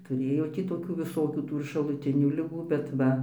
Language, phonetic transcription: Lithuanian, tuˈrėjo ˈtį toˈkių viˈsokių ˈtų ir šaluˈtinių liˈgų bet ˈva

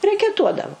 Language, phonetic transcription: Lithuanian, rekeˈtuodavu

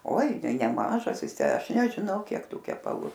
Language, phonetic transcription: Lithuanian, oi nei neˈmažas ˈjis ˈtę ˈaš nežiˈnau ˈkiek ˈtų kepaˈlų

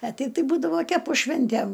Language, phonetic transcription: Lithuanian, a ˈteip tai ˈbūdavo ˈkepu ˈšvintæm

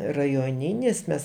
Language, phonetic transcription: Lithuanian, rajoˈninis ˈmes

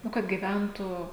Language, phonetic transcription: Lithuanian, ˈnu kad gyˈventų

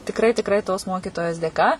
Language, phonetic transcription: Lithuanian, tikˈrai tikˈrai tos ˈmokytojos dėˈka

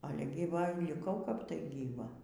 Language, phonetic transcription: Lithuanian, ˈale gyˈva liˈkau kap tai gyˈva

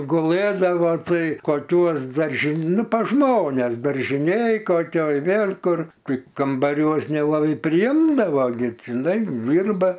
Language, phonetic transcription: Lithuanian, guˈlɘdavo ˈtai koˈkiuos darži ˈnu pas ˈžmones daržiˈnėj koˈkioj ˈvėl' ˈkur ˈtai kambaˈriuos nelaˈbai priˈimdavo gi tinˈai ˈdyrba

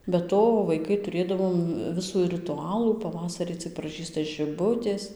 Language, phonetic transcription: Lithuanian, be ˈto vaiˈkai tuˈrėdavom ˈvisų riˈtualų paˈvasarį cɨk praˈžysta žiˈbutės

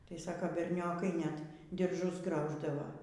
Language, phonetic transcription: Lithuanian, tai ˈsako berˈniokai net dirˈžus ˈgrauždavo

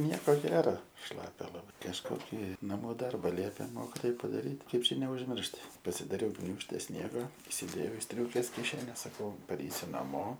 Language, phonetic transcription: Lithuanian, ˈnieko ˈgera ˈšlapia laˈbai kažˈkoki naˈmų ˈdarba ˈliepė ˈmokitoj padaˈryt' ˈkaip ˈčia neužˈmiršt pasidaˈriau ˈgniūžte ˈsniega isiˈdėjau i ˈstriūkės kiˈšenes ˈsakau paˈreisiu naˈmo

